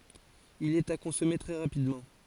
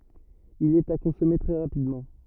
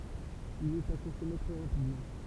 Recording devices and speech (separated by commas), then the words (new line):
forehead accelerometer, rigid in-ear microphone, temple vibration pickup, read sentence
Il est à consommer très rapidement.